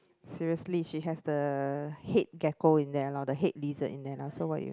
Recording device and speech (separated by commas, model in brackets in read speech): close-talking microphone, conversation in the same room